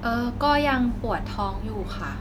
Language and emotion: Thai, neutral